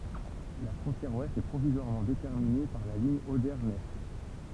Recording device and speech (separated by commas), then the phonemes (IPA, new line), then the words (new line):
temple vibration pickup, read sentence
la fʁɔ̃tjɛʁ wɛst ɛ pʁovizwaʁmɑ̃ detɛʁmine paʁ la liɲ ode nɛs
La frontière ouest est provisoirement déterminée par la ligne Oder-Neisse.